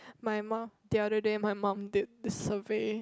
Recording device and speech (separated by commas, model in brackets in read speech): close-talking microphone, conversation in the same room